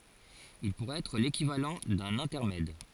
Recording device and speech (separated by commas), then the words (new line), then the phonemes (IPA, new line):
forehead accelerometer, read sentence
Il pourrait être l'équivalent d’un intermède.
il puʁɛt ɛtʁ lekivalɑ̃ dœ̃n ɛ̃tɛʁmɛd